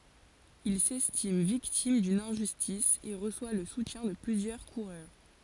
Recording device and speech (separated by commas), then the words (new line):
forehead accelerometer, read sentence
Il s'estime victime d'une injustice et reçoit le soutien de plusieurs coureurs.